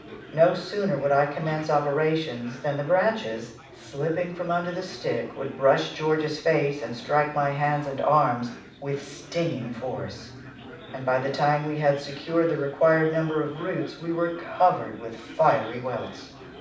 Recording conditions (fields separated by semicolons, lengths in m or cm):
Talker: one person; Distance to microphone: 5.8 m; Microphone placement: far; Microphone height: 1.8 m; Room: medium-sized (5.7 m by 4.0 m); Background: babble